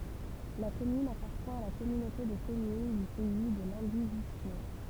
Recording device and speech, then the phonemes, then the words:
temple vibration pickup, read sentence
la kɔmyn apaʁtjɛ̃ a la kɔmynote də kɔmyn dy pɛi də lɑ̃divizjo
La commune appartient à la Communauté de communes du Pays de Landivisiau.

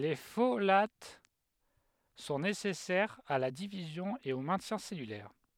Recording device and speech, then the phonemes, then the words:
headset microphone, read sentence
le folat sɔ̃ nesɛsɛʁz a la divizjɔ̃ e o mɛ̃tjɛ̃ sɛlylɛʁ
Les folates sont nécessaires à la division et au maintien cellulaire.

